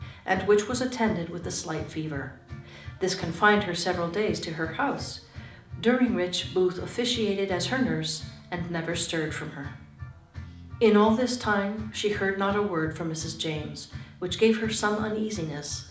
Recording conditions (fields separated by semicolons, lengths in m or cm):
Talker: one person; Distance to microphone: 2.0 m; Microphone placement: close; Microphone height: 99 cm; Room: medium-sized (5.7 m by 4.0 m); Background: music